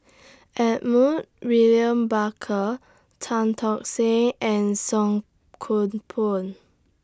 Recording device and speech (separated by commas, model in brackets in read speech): standing microphone (AKG C214), read sentence